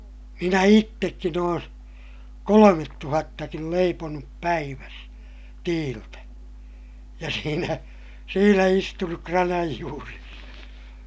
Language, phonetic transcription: Finnish, minä ittekkin ‿oon , kolomettuhattakil leiponup päiväs , tiiltä , ja siinä , siinä istunuk kranaj juures .
- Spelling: minä itsekin olen kolmetuhattakin leiponut päivässä tiiltä ja siinä siinä istunut kranan juuressa

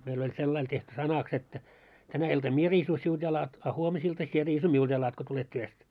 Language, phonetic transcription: Finnish, meil oĺ 'sellail tehty "sanaks että , » 'tänä iltam "mie riisu siulᴅ 'jalat , a 'huomisilta sie riisu "miulᴅ jalat ko tulet 'työst « .
- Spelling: meillä oli sillä lailla tehty sanaksi että tänä iltana minä riisun sinulta jalat a huomisilta sinä riisut minulta jalat kun tulet työstä

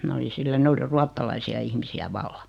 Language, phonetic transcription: Finnish, 'mä oli 'sillä 'ne oli 'ruattalaisi₍a ihmisi₍ä "valla .
- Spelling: minä olin sillä ne oli ruotsalaisia ihmisiä vallan

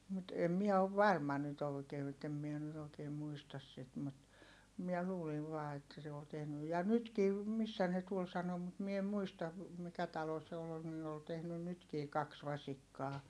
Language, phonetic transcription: Finnish, mut em miɛ ov varma nyt òikee ettem mie nyt ‿ookeem muistas sit mut , miɛ luuliv vaa että se ol tehny(.) ja nytki , missä ne tuol sano mut mie em muistav , mikä talo se ol nii ol tehnyn nytkii kaks vasikkaa .
- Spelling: mutta en minä ole varma nyt oikein että en minä nyt oikein muista sitä mutta minä luulin vain että se oli tehnyt ja nytkin missä ne tuolla sanoi mutta minä en muista mikä talo se oli niin oli tehnyt nytkin kaksi vasikkaa

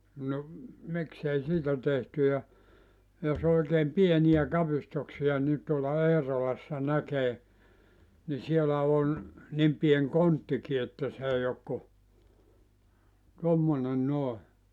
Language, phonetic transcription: Finnish, no , 'miksei "siitä 'tehty ja , jos ‿oikeem 'pieniʲä 'kapistuksiʲa ni tuola 'Eerolassa 'näkee , ni 'sielä on , 'nim 'pien "konttiki että 's ‿ei ok ku , 'tommone 'nòe .
- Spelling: no miksi ei siitä tehty ja jos oikein pieniä kapistuksia niin tuolla Eerolassa näkee niin siellä on niin pieni konttikin että se ei ole kuin tuommoinen noin

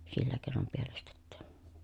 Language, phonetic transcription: Finnish, sillä kèi̮nom pielestettÄÄ .
- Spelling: sillä keinoin pielestetään

